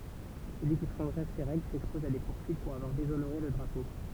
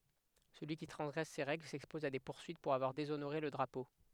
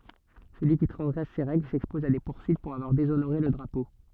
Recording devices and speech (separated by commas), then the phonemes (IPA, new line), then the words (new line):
temple vibration pickup, headset microphone, soft in-ear microphone, read sentence
səlyi ki tʁɑ̃zɡʁɛs se ʁɛɡl sɛkspɔz a de puʁsyit puʁ avwaʁ dezonoʁe lə dʁapo
Celui qui transgresse ces règles s'expose à des poursuites pour avoir déshonoré le drapeau.